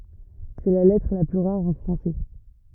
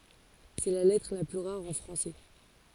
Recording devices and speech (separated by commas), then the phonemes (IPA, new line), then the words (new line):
rigid in-ear microphone, forehead accelerometer, read sentence
sɛ la lɛtʁ la ply ʁaʁ ɑ̃ fʁɑ̃sɛ
C'est la lettre la plus rare en français.